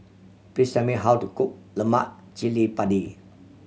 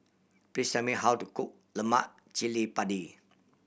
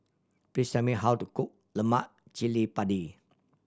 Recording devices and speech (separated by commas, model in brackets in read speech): mobile phone (Samsung C7100), boundary microphone (BM630), standing microphone (AKG C214), read sentence